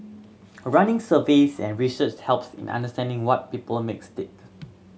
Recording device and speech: mobile phone (Samsung C7100), read sentence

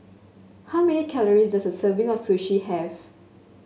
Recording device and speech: mobile phone (Samsung S8), read sentence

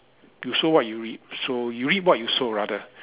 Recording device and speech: telephone, conversation in separate rooms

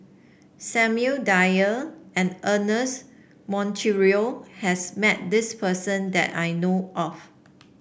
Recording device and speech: boundary microphone (BM630), read sentence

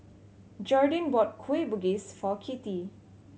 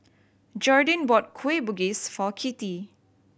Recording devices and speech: mobile phone (Samsung C7100), boundary microphone (BM630), read sentence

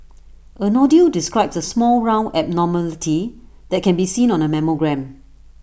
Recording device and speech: boundary microphone (BM630), read sentence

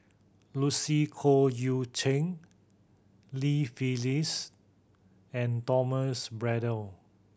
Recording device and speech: boundary microphone (BM630), read sentence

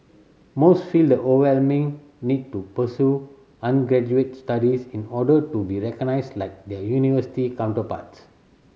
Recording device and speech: mobile phone (Samsung C7100), read sentence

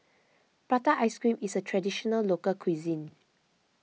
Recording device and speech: mobile phone (iPhone 6), read sentence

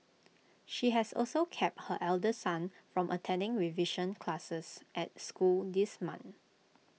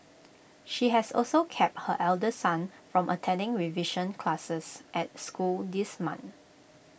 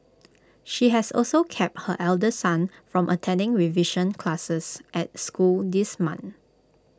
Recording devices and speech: mobile phone (iPhone 6), boundary microphone (BM630), close-talking microphone (WH20), read sentence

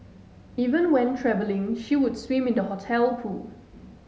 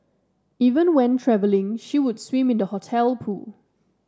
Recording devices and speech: mobile phone (Samsung S8), standing microphone (AKG C214), read sentence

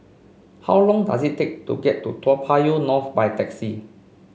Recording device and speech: mobile phone (Samsung C5), read sentence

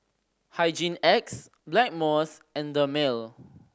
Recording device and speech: standing microphone (AKG C214), read sentence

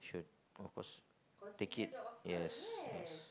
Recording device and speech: close-talking microphone, conversation in the same room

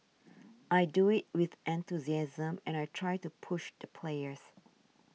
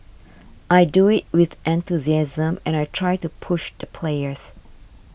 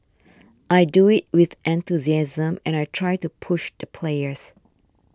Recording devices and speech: mobile phone (iPhone 6), boundary microphone (BM630), standing microphone (AKG C214), read sentence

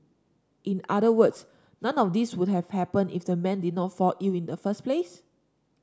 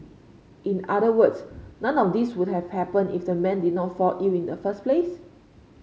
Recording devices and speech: standing microphone (AKG C214), mobile phone (Samsung C5), read sentence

